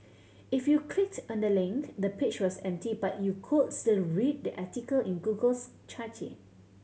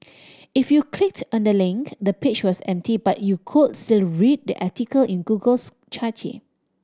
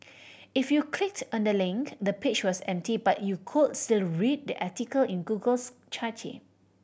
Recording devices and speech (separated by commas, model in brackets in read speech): mobile phone (Samsung C7100), standing microphone (AKG C214), boundary microphone (BM630), read sentence